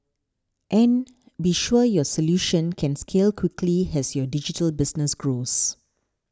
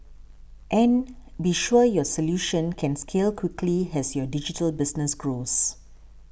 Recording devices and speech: standing microphone (AKG C214), boundary microphone (BM630), read sentence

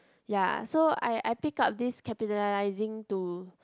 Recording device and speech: close-talking microphone, conversation in the same room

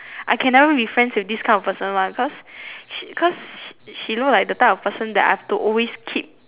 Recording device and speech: telephone, conversation in separate rooms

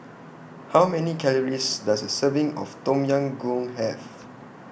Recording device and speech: boundary microphone (BM630), read sentence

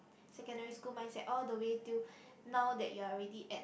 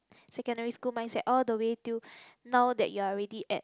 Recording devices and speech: boundary microphone, close-talking microphone, conversation in the same room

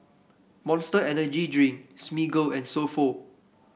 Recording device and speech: boundary microphone (BM630), read sentence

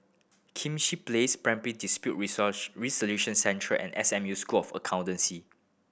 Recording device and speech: boundary microphone (BM630), read sentence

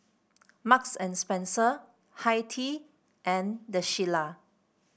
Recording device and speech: boundary microphone (BM630), read sentence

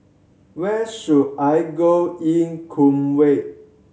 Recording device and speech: mobile phone (Samsung C7100), read sentence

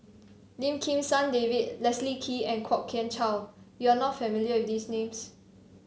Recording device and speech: mobile phone (Samsung C7), read sentence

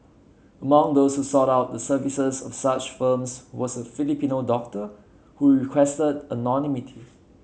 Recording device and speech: mobile phone (Samsung C7), read sentence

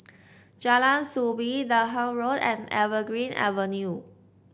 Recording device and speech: boundary microphone (BM630), read sentence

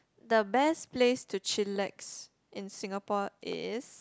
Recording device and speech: close-talking microphone, conversation in the same room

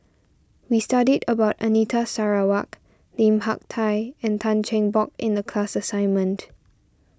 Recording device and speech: standing microphone (AKG C214), read sentence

